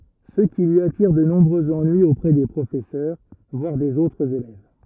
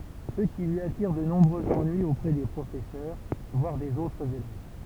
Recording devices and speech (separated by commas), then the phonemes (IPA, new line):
rigid in-ear microphone, temple vibration pickup, read sentence
sə ki lyi atiʁ də nɔ̃bʁøz ɑ̃nyiz opʁɛ de pʁofɛsœʁ vwaʁ dez otʁz elɛv